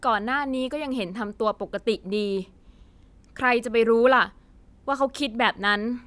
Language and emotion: Thai, frustrated